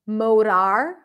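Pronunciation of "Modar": In this saying of 'motor', the second syllable has the vowel of 'father'.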